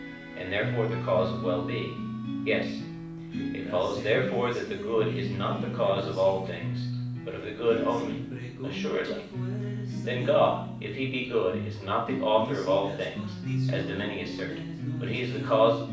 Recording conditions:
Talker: one person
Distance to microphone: 5.8 m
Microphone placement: far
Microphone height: 1.8 m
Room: medium-sized (5.7 m by 4.0 m)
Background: music

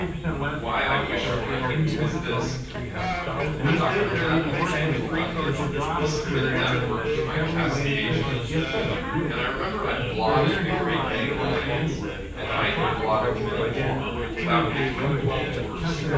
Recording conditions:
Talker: one person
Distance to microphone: 9.8 m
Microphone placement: far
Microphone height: 1.8 m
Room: large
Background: babble

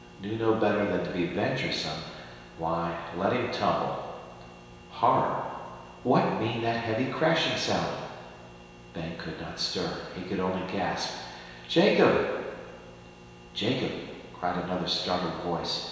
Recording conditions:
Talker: one person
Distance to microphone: 1.7 m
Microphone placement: close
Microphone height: 1.0 m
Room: very reverberant, large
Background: none

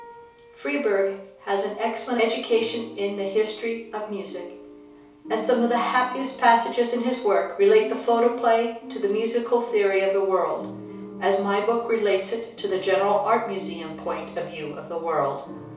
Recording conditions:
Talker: one person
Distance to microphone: 3.0 m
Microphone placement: far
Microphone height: 1.8 m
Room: small (3.7 m by 2.7 m)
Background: music

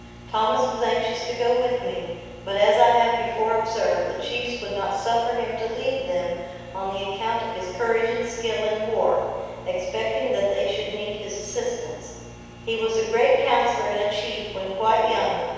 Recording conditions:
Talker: one person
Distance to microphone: 7.1 m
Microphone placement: far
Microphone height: 1.7 m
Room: very reverberant, large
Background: none

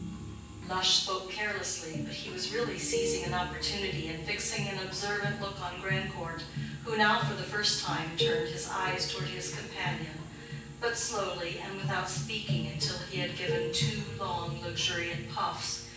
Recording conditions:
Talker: one person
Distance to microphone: 9.8 m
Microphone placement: far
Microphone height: 1.8 m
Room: large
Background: music

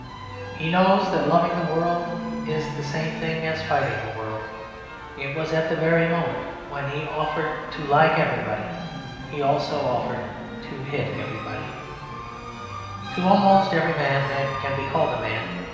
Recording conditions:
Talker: one person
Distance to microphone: 1.7 m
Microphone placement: close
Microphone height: 1.0 m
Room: very reverberant, large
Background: music

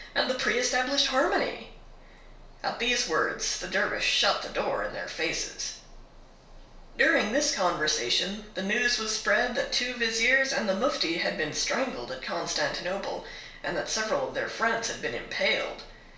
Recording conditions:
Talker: one person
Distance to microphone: 1.0 m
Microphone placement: close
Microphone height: 1.1 m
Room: small (3.7 m by 2.7 m)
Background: none

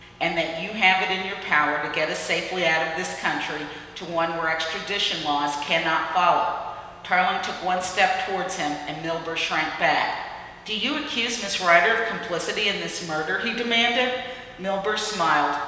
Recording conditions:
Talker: one person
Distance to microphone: 1.7 m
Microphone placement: close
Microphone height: 1.0 m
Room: very reverberant, large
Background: none

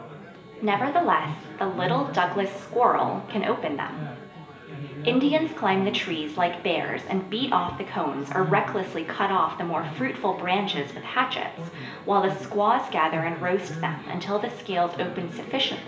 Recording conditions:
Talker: one person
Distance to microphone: 1.8 m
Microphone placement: close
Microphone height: 1.0 m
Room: large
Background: babble

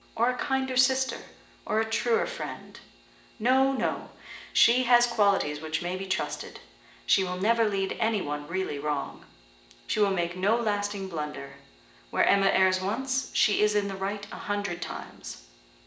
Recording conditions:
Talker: one person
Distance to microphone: 1.8 m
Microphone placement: close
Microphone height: 1.0 m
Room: large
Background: none

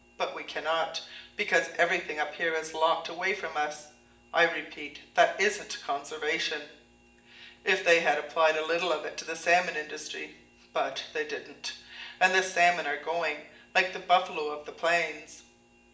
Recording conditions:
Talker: one person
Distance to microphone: 1.8 m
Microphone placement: close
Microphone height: 1.0 m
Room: large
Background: none

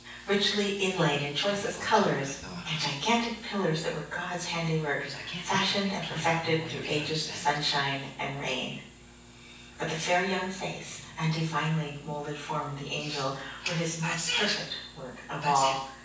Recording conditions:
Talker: one person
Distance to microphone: 9.8 m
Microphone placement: far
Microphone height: 1.8 m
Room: large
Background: television

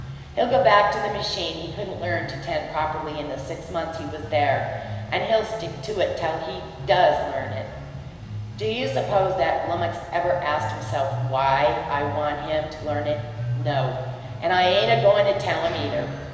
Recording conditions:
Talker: one person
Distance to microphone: 1.7 m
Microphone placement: close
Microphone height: 1.0 m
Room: very reverberant, large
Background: music

